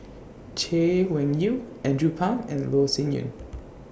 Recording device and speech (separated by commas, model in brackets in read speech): boundary microphone (BM630), read sentence